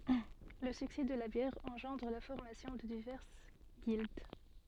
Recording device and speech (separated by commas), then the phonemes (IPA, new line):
soft in-ear microphone, read sentence
lə syksɛ də la bjɛʁ ɑ̃ʒɑ̃dʁ la fɔʁmasjɔ̃ də divɛʁs ɡild